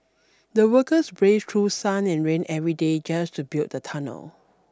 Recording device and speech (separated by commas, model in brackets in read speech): standing microphone (AKG C214), read sentence